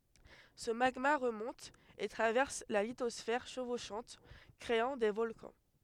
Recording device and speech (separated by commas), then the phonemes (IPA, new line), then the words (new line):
headset microphone, read sentence
sə maɡma ʁəmɔ̃t e tʁavɛʁs la litɔsfɛʁ ʃəvoʃɑ̃t kʁeɑ̃ de vɔlkɑ̃
Ce magma remonte et traverse la lithosphère chevauchante, créant des volcans.